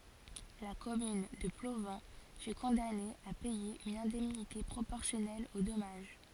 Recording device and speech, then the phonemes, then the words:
forehead accelerometer, read sentence
la kɔmyn də plovɑ̃ fy kɔ̃dane a pɛje yn ɛ̃dɛmnite pʁopɔʁsjɔnɛl o dɔmaʒ
La commune de Plovan fut condamnée à payer une indemnité proportionnelle au dommage.

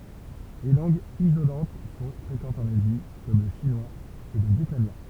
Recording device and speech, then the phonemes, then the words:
temple vibration pickup, read sentence
le lɑ̃ɡz izolɑ̃t sɔ̃ fʁekɑ̃tz ɑ̃n azi kɔm lə ʃinwaz e lə vjɛtnamjɛ̃
Les langues isolantes sont fréquentes en Asie comme le chinois et le vietnamien.

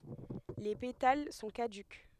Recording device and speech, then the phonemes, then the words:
headset microphone, read sentence
le petal sɔ̃ kadyk
Les pétales sont caducs.

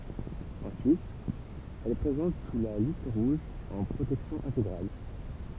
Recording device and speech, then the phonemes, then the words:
temple vibration pickup, read sentence
ɑ̃ syis ɛl ɛ pʁezɑ̃t syʁ la list ʁuʒ ɑ̃ pʁotɛksjɔ̃ ɛ̃teɡʁal
En Suisse, elle est présente sur la Liste rouge en protection intégrale.

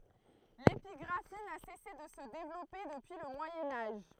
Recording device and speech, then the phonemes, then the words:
throat microphone, read sentence
lepiɡʁafi na sɛse də sə devlɔpe dəpyi lə mwajɛ̃ aʒ
L’épigraphie n’a cessé de se développer depuis le Moyen Âge.

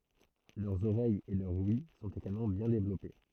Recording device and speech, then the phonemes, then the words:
throat microphone, read sentence
lœʁz oʁɛjz e lœʁ wj sɔ̃t eɡalmɑ̃ bjɛ̃ devlɔpe
Leurs oreilles et leur ouïe sont également bien développées.

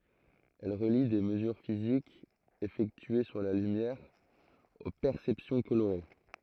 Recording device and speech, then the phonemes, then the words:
throat microphone, read sentence
ɛl ʁəli de məzyʁ fizikz efɛktye syʁ la lymjɛʁ o pɛʁsɛpsjɔ̃ koloʁe
Elle relie des mesures physiques effectuées sur la lumière aux perceptions colorées.

